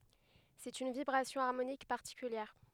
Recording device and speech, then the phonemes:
headset microphone, read sentence
sɛt yn vibʁasjɔ̃ aʁmonik paʁtikyljɛʁ

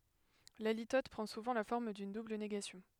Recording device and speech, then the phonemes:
headset microphone, read sentence
la litɔt pʁɑ̃ suvɑ̃ la fɔʁm dyn dubl neɡasjɔ̃

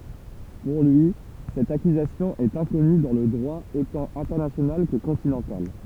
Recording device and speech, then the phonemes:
temple vibration pickup, read sentence
puʁ lyi sɛt akyzasjɔ̃ ɛt ɛ̃kɔny dɑ̃ lə dʁwa otɑ̃ ɛ̃tɛʁnasjonal kə kɔ̃tinɑ̃tal

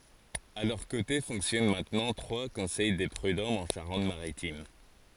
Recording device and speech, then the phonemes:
forehead accelerometer, read sentence
a lœʁ kote fɔ̃ksjɔn mɛ̃tnɑ̃ tʁwa kɔ̃sɛj de pʁydɔmz ɑ̃ ʃaʁɑ̃t maʁitim

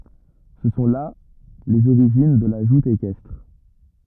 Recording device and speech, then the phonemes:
rigid in-ear microphone, read sentence
sə sɔ̃ la lez oʁiʒin də la ʒut ekɛstʁ

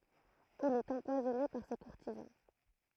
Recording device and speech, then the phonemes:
throat microphone, read sentence
il ɛt ɑ̃pwazɔne paʁ se kuʁtizɑ̃

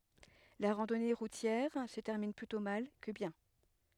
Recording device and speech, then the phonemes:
headset microphone, read sentence
la ʁɑ̃dɔne ʁutjɛʁ sə tɛʁmin plytɔ̃ mal kə bjɛ̃

